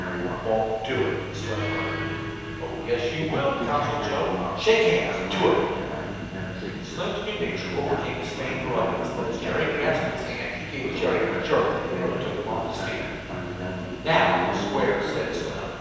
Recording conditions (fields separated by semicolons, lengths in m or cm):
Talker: one person; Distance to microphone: 7.1 m; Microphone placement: far; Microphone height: 1.7 m; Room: very reverberant, large; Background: television